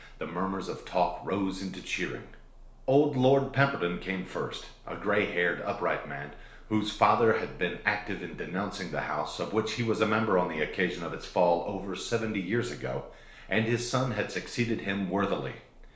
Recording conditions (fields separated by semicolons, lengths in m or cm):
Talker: one person; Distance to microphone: 1.0 m; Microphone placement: close; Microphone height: 1.1 m; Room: small (3.7 m by 2.7 m); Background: none